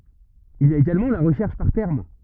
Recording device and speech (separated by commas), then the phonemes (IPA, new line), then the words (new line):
rigid in-ear microphone, read sentence
il i a eɡalmɑ̃ la ʁəʃɛʁʃ paʁ tɛʁm
Il y a également la recherche par termes.